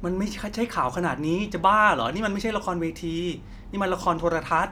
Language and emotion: Thai, frustrated